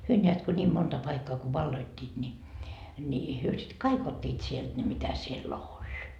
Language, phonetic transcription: Finnish, 'hyö ńeät ko ńiim 'monta 'paikkaa ko 'valloittiit ńi , ńi , hyö sit "kai'k ‿ot́t́iit sielt ne mitä siel"l ‿oĺ .
- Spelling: he näet kun niin monta paikkaa kun valloittivat niin niin he sitten kaikki ottivat sieltä ne mitä siellä oli

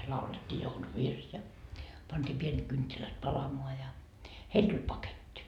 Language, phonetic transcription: Finnish, laulet́t́ii 'jouluvirs ja , pantii 'pienet kynttilät "palamoa ja , 'heil tuĺ "paket́t́i .
- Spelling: laulettiin jouluvirsi ja pantiin pienet kynttilät palamaan ja heille tuli paketti

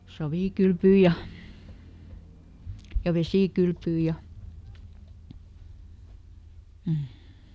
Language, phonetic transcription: Finnish, ˈsavìkylpyy ja , ja ˈvesìkylpyy ja , m̥ .
- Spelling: savikylpyä ja ja vesikylpyä ja mm

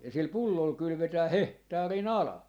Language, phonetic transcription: Finnish, ja sil 'pullol 'kylʸvetää "hehtaari"n ‿ala .
- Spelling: ja sillä pullolla kylvetään hehtaarin ala

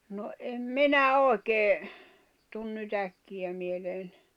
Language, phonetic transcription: Finnish, no em "minä 'òi̬kee , tun ny't ‿äkkiʲä mieleen ,.
- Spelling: no en minä oikein tule nyt äkkiä mieleen

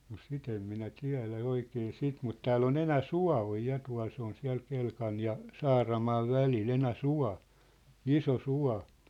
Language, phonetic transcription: Finnish, no "sit ‿em minä "tiä̭lä "oikee "sit mut 'tääll ‿on 'Enä"sua̭ oj 'ja tua̭l 'se on 'siä̭l 'Kelkan̳ ja , 'Saaramaav 'välil 'Enä"sua̭ , "iso "sua̭ .
- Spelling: no sitä en minä tiedä oikein sitä mutta täällä on Enäsuo on ja tuolla se on siellä Kelkan ja Saaramaan välillä Enäsuo iso suo

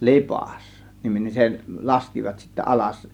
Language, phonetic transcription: Finnish, Lipàs , 'niminen , 'se , "laskivat sittä 'ˀalas .
- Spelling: - Lipas-niminen se laskivat sitten alas

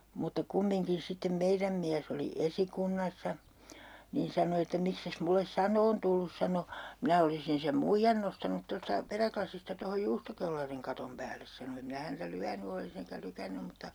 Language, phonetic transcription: Finnish, mutta 'kummiŋkin 'sittem "meiräm miäs ‿oli "esikunnassa , niin 'sano että » 'mikses mulles "san'oon tullus » 'sano , » 'minä olisin sem "muijjan nostanut 'tosta , 'peräklasista tohoj "juustokellariŋ 'katom 'päälles » sano » em 'minä häntä "lyäny olis ‿eŋkä 'lykännym mutta » ,.
- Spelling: mutta kumminkin sitten meidän mies oli esikunnassa niin sanoi että miksi et minulle sanomaan tullut sanoi minä olisin sen muijan nostanut tuosta perälasista tuohon juustokellarin katon päälle sanoi en minä häntä lyönyt olisi enkä lykännyt mutta

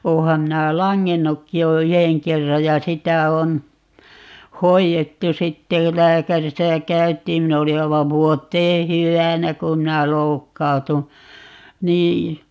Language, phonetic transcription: Finnish, 'ooham 'minä̀ "laŋŋennukki jo "yheŋ 'kerraj ja 'sitä on , "hoijettu 'sitte (jo) - "lääkärisä 'käyt̀iim - 'min ‿oli 'aivav "vuot̆tee "hyvänä 'ku(m) minä "loukkautu , 'nii .
- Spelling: olenhan minä langennutkin jo yhden kerran ja sitä on hoidettu sitten - lääkärissä käytiin minä olin aivan vuoteen hyvänä kun minä loukkaannuin niin

